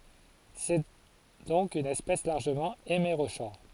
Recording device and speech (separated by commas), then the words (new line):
forehead accelerometer, read sentence
C'est donc une espèce largement hémérochore.